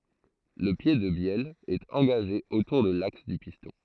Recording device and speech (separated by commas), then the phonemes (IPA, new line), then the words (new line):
throat microphone, read sentence
lə pje də bjɛl ɛt ɑ̃ɡaʒe otuʁ də laks dy pistɔ̃
Le pied de bielle est engagé autour de l'axe du piston.